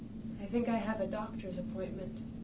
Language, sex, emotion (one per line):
English
female
sad